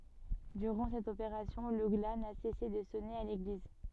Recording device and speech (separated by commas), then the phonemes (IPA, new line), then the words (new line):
soft in-ear microphone, read sentence
dyʁɑ̃ sɛt opeʁasjɔ̃ lə ɡla na sɛse də sɔne a leɡliz
Durant cette opération, le glas n'a cessé de sonner à l'église.